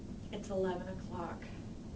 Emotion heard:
neutral